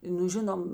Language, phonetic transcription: Lithuanian, ˈnu ˈžinom

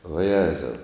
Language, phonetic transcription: Lithuanian, vaˈjezau

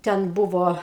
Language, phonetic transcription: Lithuanian, ˈten ˈbuvo

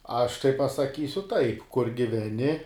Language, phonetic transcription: Lithuanian, ˈaš tai pasaˈkysiu ˈtaip kur giveˈni

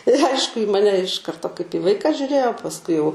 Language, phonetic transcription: Lithuanian, ir ˈaišku į ˈmane iš ˈkarto kaip į ˈvaiką žiuˈrėjo pasˈkui jau

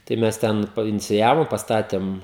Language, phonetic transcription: Lithuanian, tai ˈmes ˈten painiciˈjavo pasˈtatėm

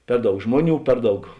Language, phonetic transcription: Lithuanian, ˈper ˌdaug ˈžmoˌnių ˈper ˌdaug

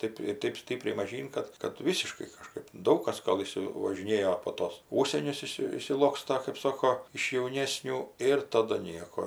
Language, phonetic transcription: Lithuanian, ˈtɜp i ˈtɜp ˈstipriai maˈžyn ˈkad kad ˈvysiškai kaˈžkɜp ˈdaug kas ˈgal ˌišsivažiˈnėjo po ˈtos ˈūžsienius ˈišsi išsiˈloksta kɜp ˈsoko iš jauˈnėsnių ˈir ˈtadu ˈnieko

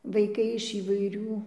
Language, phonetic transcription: Lithuanian, vaiˈkai iš įvaiˈrių

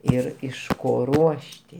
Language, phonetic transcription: Lithuanian, ˈir iš ˈko ˈruošti

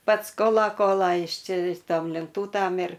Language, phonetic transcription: Lithuanian, ˈpats ˈkola ˈkola ˈjis ˈči ˈtom lenˈtūtam ir

